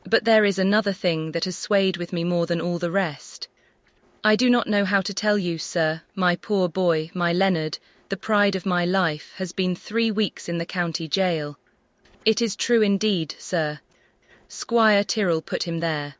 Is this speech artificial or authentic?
artificial